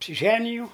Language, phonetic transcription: Lithuanian, apsiˈženijau

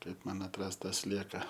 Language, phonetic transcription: Lithuanian, ˈkaip man atˈrast ˈtą ˈslieka

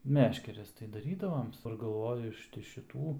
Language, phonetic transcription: Lithuanian, ˈmeškeres tai daˈrydavoms galˈvoju ˈiš ti šiˈtų

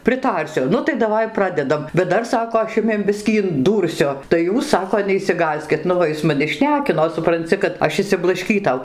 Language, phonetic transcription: Lithuanian, priˈtarsiu ˈnu tai daˈvai ˈpradedam bet ˈdar ˈsako aš ˈjumiem ˈbiskį inˈdūrsiu tai ˈjūs ˈsako neišsiˈgąskit ˈnu va ˈis maˈni ˈšnekino supranˈci kad ˈaš išsiblašˈkytau

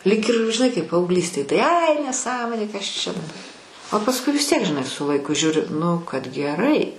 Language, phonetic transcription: Lithuanian, lyg ir žiˈnai kaip paaugˈlystėj tai ai neˈsąmonė kas ˈčia daba o pasˈkui vis tiek žiˈnai su laiˈku ˈžiūri nu kad geˈrai

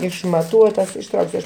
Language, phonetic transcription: Lithuanian, išmaˈtuotas išˈtrauksiu aš

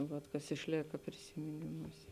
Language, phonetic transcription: Lithuanian, ˈvat kas išˈlėka prisimiˈnimūsė

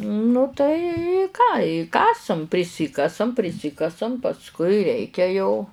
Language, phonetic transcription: Lithuanian, nu tai i ką i ˈkasam priˈsikasam priˈsikasam pasˈkui ˈreikia jau

